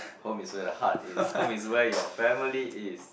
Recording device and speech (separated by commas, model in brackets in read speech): boundary microphone, conversation in the same room